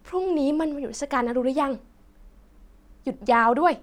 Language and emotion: Thai, happy